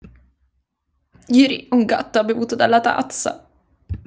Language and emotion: Italian, disgusted